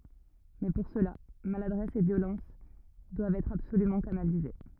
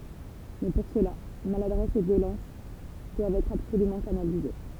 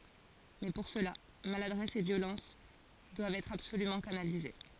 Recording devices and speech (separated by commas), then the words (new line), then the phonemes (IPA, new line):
rigid in-ear microphone, temple vibration pickup, forehead accelerometer, read sentence
Mais pour cela, maladresse et violence doivent être absolument canalisées.
mɛ puʁ səla maladʁɛs e vjolɑ̃s dwavt ɛtʁ absolymɑ̃ kanalize